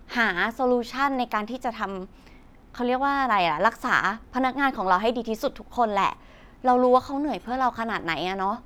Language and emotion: Thai, neutral